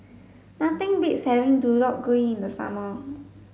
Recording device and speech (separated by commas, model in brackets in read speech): mobile phone (Samsung S8), read sentence